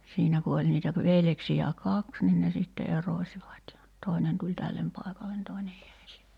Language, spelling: Finnish, siinä kun oli niitä - veljeksiä kaksi niin ne sitten erosivat ja toinen tuli tälle paikalle toinen jäi sinne ja
- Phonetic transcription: 'siinä ku oĺ niitä pə- 'veljeksijä "kaks nin ne sitte 'erośivat ja 'tòenen tuĺ "tällem pàekalen 'toenej jäi sinne ja ,.

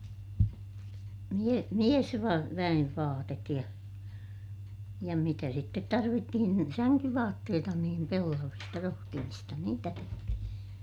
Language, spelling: Finnish, - - miesväen vaatetta ja ja mitä sitten tarvittiin niin sänkyvaatteita niin pellavista rohtimista niitä tehtiin
- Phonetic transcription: mie- , miesva- , -väʲev vaatet ja , ja mitä sittet tarvittihin ni , säŋkyvaatteeta niim pellavista - rohtimista niitä tehtihin .

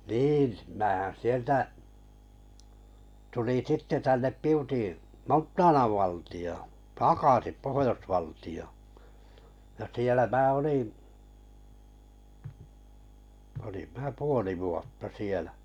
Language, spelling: Finnish, niin minähän sieltä tulin sitten tänne Piuti Montanan valtioon takaisin - ja siellä minä olin minä puoli vuotta siellä
- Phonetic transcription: 'niin , määhän 'sieltä , tuliŋ 'sitte tännep 'Piuti 'Monttaanav 'vàltiʲoo , "takàsip 'pohojosvalti₍ᴏ- , ja sielä mää , olim mää "puoli vuotta 'sielᴀ̈ .

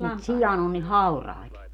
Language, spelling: Finnish, mutta sian on niin hauraita
- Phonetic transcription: mut 'sijan ‿on ni "haurai̮t .

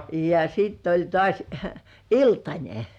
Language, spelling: Finnish, ja sitten oli taas iltanen
- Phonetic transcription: ja 'sitt ‿oĺ 'tŏàs , "iltańe .

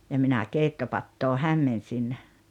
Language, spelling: Finnish, ja minä keittopataa hämmensin
- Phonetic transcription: ja 'minä 'keittopattoo "hämmensin .

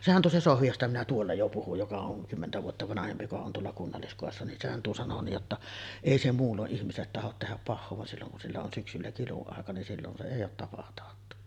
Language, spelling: Finnish, sehän tuo se Sohvi josta minä tuolla jo puhuin joka on kymmentä vuotta vanhempi joka on tuolla kunnalliskodissa niin sehän tuo sanoi niin jotta ei se muulloin ihmiselle tahdo tehdä pahaa vaan silloin kun sillä on syksyllä kiluaika niin silloin se ei ole tapataattu
- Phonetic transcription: 'sehän tuo 'se "Sohvi 'josta minä tuolla jo 'puhuj joka oŋ "kymmentä vuotta 'vanahempi joka on tuolla 'kunnalliskòessa nin 'sehän tuo sano nij jotta , "èi se 'muullo’ ’ihmisellet tahot tehäp 'pahhoo van 'silloŋ kun sillä on 'syksyllä "kilu₍àeka nin sillon se èij ‿oot 'tapataattu .

